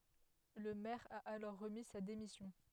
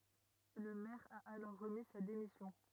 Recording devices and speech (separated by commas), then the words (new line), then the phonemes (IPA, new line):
headset microphone, rigid in-ear microphone, read sentence
Le maire a alors remis sa démission.
lə mɛʁ a alɔʁ ʁəmi sa demisjɔ̃